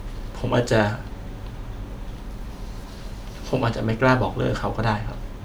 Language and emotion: Thai, sad